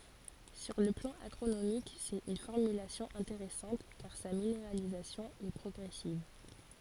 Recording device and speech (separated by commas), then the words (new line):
forehead accelerometer, read sentence
Sur le plan agronomique, c’est une formulation intéressante car sa minéralisation est progressive.